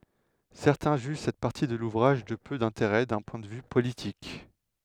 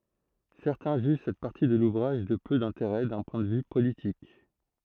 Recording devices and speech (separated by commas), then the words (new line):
headset microphone, throat microphone, read sentence
Certains jugent cette partie de l'ouvrage de peu d'intérêt d'un point de vue politique.